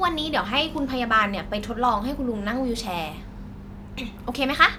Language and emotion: Thai, neutral